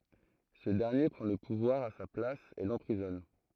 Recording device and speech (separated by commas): throat microphone, read sentence